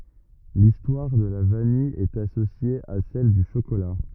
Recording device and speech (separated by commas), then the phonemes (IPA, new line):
rigid in-ear microphone, read sentence
listwaʁ də la vanij ɛt asosje a sɛl dy ʃokola